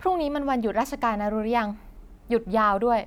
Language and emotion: Thai, neutral